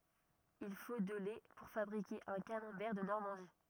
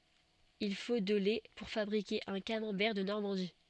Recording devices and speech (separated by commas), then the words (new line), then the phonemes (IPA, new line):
rigid in-ear microphone, soft in-ear microphone, read sentence
Il faut de lait pour fabriquer un camembert de Normandie.
il fo də lɛ puʁ fabʁike œ̃ kamɑ̃bɛʁ də nɔʁmɑ̃di